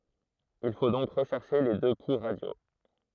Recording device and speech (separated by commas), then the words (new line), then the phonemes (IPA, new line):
throat microphone, read sentence
Il faut donc rechercher les deux pouls radiaux.
il fo dɔ̃k ʁəʃɛʁʃe le dø pu ʁadjo